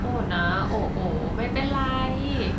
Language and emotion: Thai, happy